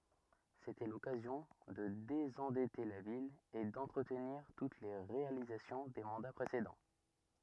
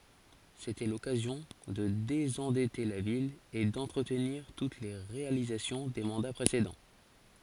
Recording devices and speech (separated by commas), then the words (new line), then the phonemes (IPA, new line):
rigid in-ear microphone, forehead accelerometer, read sentence
C’était l’occasion de désendetter la ville et d’entretenir toutes les réalisations des mandats précédents.
setɛ lɔkazjɔ̃ də dezɑ̃dɛte la vil e dɑ̃tʁətniʁ tut le ʁealizasjɔ̃ de mɑ̃da pʁesedɑ̃